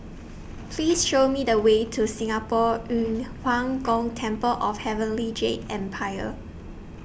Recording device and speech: boundary microphone (BM630), read sentence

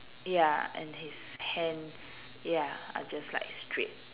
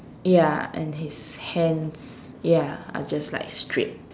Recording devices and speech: telephone, standing microphone, conversation in separate rooms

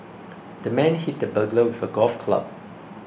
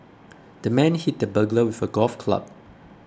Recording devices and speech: boundary microphone (BM630), close-talking microphone (WH20), read sentence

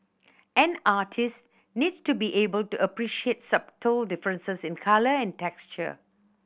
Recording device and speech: boundary microphone (BM630), read sentence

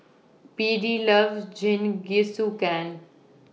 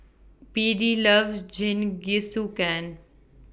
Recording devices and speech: mobile phone (iPhone 6), boundary microphone (BM630), read sentence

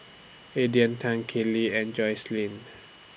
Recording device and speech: boundary microphone (BM630), read sentence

